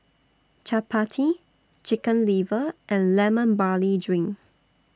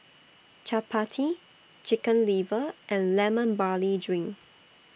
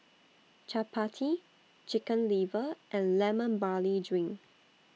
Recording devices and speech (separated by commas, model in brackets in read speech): standing microphone (AKG C214), boundary microphone (BM630), mobile phone (iPhone 6), read sentence